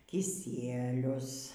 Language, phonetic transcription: Lithuanian, kiˈsielius

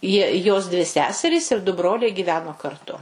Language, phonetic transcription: Lithuanian, ˈjie ˈjos ˈdvi ˈseserys ir du ˈbroliai gyˈveno karˈtu

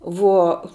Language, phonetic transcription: Lithuanian, ˈvuo

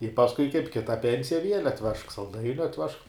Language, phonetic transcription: Lithuanian, i pasˈkui kaip ˈkita ˈpensija viel' atˈvežk salˈdainiu atˈvežk

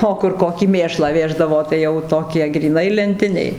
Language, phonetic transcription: Lithuanian, ˈo kur ˈkokį ˈmėšlą ˈvėždavo tai ˈjau ˈtokie gryˈnai lenˈtiniai

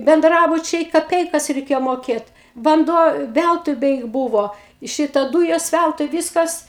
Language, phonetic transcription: Lithuanian, benˈdrabučiai kaˈpeikas reiˈkėjo moˈkėt vanˈduo ˈvæltui ˈbeik ˈbūvo ˈšita ˈdūjos ˈvæltui ˈvyskas

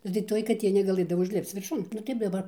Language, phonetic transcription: Lithuanian, nu tai ˈtoj kaˈtė negaˈlɘdavo užˈlipc virˈšun nu ˈtaip daˈbar

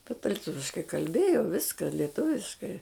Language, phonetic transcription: Lithuanian, teta liˈtuviškai kalˈbėjo ˈviska leˈtuviškai

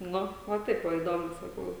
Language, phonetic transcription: Lithuanian, ˈnu va ˈtaip ˈva įˈdomu saˈkau

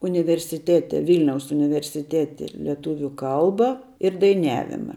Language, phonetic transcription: Lithuanian, universiˈtete ˈvilniaus universiˈtete leˈtūviu ˈkalba ir daiˈniavima

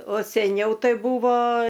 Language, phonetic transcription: Lithuanian, o seˈniau ˈtai ˈbūvo

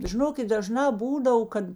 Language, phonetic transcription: Lithuanian, žiˈnokit daˈžnā ˈbūdav ˈkad

